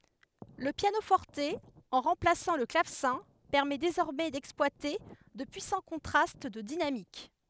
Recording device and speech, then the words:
headset microphone, read sentence
Le piano-forte, en remplaçant le clavecin, permet désormais d'exploiter de puissants contrastes de dynamique.

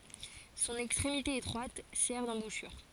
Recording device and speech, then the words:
forehead accelerometer, read sentence
Son extrémité étroite sert d'embouchure.

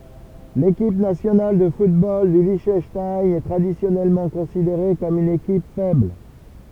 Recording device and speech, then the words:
temple vibration pickup, read sentence
L'équipe nationale de football du Liechtenstein est traditionnellement considérée comme une équipe faible.

